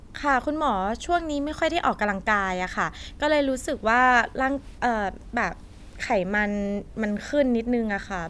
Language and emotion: Thai, frustrated